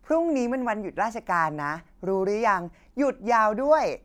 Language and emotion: Thai, happy